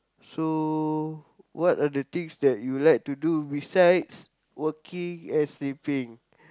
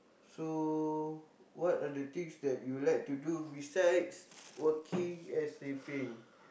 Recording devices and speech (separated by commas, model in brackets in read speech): close-talking microphone, boundary microphone, conversation in the same room